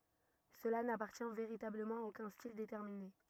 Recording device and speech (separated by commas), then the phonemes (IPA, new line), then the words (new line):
rigid in-ear microphone, read sentence
səla napaʁtjɛ̃ veʁitabləmɑ̃ a okœ̃ stil detɛʁmine
Cela n'appartient véritablement à aucun style déterminé.